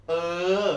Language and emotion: Thai, frustrated